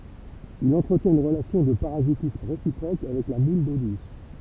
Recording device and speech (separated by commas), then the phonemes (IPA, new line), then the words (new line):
temple vibration pickup, read sentence
il ɑ̃tʁətjɛ̃t yn ʁəlasjɔ̃ də paʁazitism ʁesipʁok avɛk la mul do dus
Il entretient une relation de parasitisme réciproque avec la moule d'eau douce.